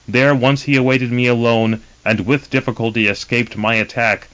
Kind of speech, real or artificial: real